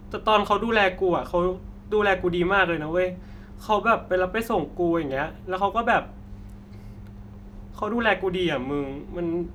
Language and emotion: Thai, frustrated